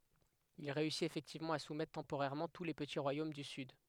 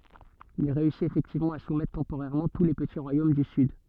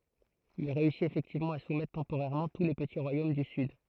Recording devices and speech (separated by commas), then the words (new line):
headset microphone, soft in-ear microphone, throat microphone, read sentence
Il réussit effectivement à soumettre temporairement tous les petits royaumes du sud.